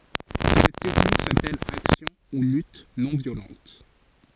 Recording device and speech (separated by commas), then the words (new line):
forehead accelerometer, read sentence
Cette technique s’appelle action ou lutte non violente.